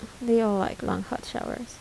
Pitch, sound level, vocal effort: 230 Hz, 74 dB SPL, soft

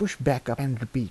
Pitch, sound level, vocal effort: 130 Hz, 81 dB SPL, soft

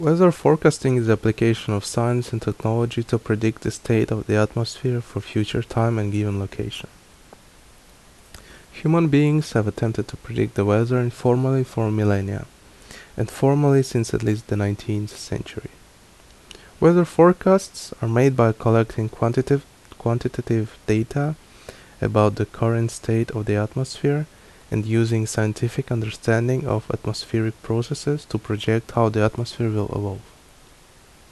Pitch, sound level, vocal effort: 115 Hz, 75 dB SPL, normal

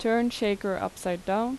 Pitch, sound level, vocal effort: 210 Hz, 83 dB SPL, normal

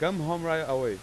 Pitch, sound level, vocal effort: 160 Hz, 95 dB SPL, very loud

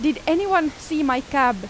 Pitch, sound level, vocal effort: 300 Hz, 91 dB SPL, loud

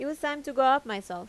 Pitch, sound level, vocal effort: 270 Hz, 89 dB SPL, normal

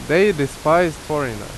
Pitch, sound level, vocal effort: 150 Hz, 89 dB SPL, very loud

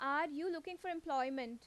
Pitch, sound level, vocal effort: 300 Hz, 89 dB SPL, loud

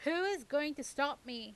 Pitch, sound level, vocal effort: 285 Hz, 94 dB SPL, very loud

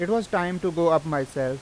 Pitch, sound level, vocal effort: 165 Hz, 91 dB SPL, loud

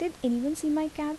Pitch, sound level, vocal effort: 305 Hz, 78 dB SPL, soft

